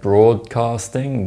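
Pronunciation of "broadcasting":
'Broadcasting' is said here with a d sound before the k sound, not with a g sound, so it is pronounced incorrectly.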